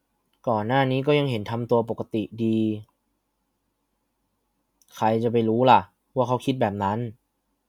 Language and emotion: Thai, frustrated